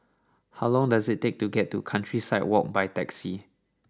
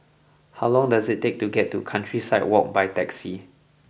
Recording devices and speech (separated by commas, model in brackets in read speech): standing microphone (AKG C214), boundary microphone (BM630), read sentence